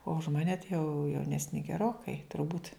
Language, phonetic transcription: Lithuanian, o už ˈmane tai jau jauˈnesni geˈrokai turˈbūt'

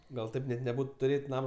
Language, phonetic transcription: Lithuanian, ˈgal ˈtaip net neˈbūt tuˈrėt' ˈnamo

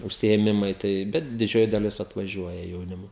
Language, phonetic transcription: Lithuanian, užsiėˈmimai ˈtai ˈbet diˈdžioji daˈlis atvaˈžiuoja jauˈnimo

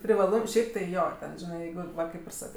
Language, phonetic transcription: Lithuanian, privaˈlum ˈšiaip tai ˈjo ˈten ˈžinai ˈjeigu ˈva ˈkaip ir ˈsakɜ

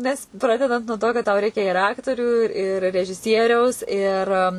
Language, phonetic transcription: Lithuanian, nes ˈpradedant nuo to kad tau ˈreikia ir ˈaktorių ir režiˈsieriaus ir

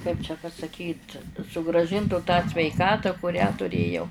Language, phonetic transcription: Lithuanian, kaip čia pasaˈkyt sugrąˈžintų tą sveiˈkatą kuˈrią tuˈrėjau

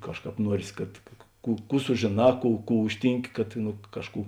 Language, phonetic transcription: Lithuanian, ˈkažˌkāp ˈnuorės kad ˈkų ˈkų sužėˈnā ˈkų ˈkų ˈužtynˌki kad nu ˈkažˌkų

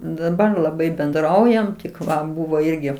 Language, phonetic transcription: Lithuanian, daˈbar laˈbai benˈdraujam tik ˈva ˈbuvo ˈirgi

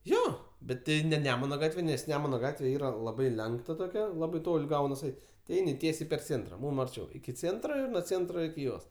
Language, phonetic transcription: Lithuanian, ˈjo bet ˈti ne ˈnemuna ˈgatve nes ˈnemuna ˈgatve ˈyra laˈbai ˈlenkta toˈkia ˈlabai ˈtol' ˈgaunas ˈeit' ti ˈeini ˈtiesiai per ˈcėntra ˈmūm arˈčiau iki ˈcėntro ir nuo ˈcėntro iki ˈjos

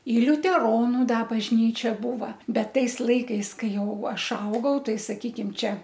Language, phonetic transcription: Lithuanian, i liuteˈronu ˈda bažˈnyčia ˈbūva ˈbet ˈtais ˈlaikais ˈkai ˈjau ˈaš ˈaugau ˈtai saˈkykim ˈčia

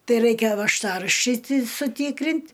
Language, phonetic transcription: Lithuanian, ˈtai ˈraikia važˈtaraščiai ti suˈtykrint'

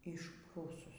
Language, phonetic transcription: Lithuanian, išˈprūsus

